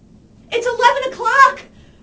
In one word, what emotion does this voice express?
fearful